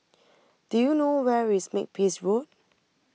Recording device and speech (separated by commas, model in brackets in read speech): mobile phone (iPhone 6), read sentence